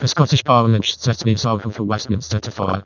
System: VC, vocoder